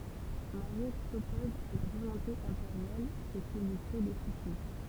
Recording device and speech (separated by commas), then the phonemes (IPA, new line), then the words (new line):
temple vibration pickup, read sentence
maʁjɛt sɔpɔz a la volɔ̃te ɛ̃peʁjal sə ki lyi kʁe de susi
Mariette s’oppose à la volonté impériale, ce qui lui crée des soucis.